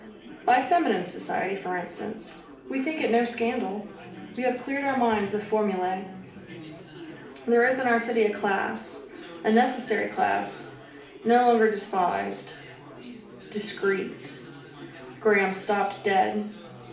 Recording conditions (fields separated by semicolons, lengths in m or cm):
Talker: one person; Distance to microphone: 2.0 m; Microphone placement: close; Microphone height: 99 cm; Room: medium-sized (5.7 m by 4.0 m); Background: babble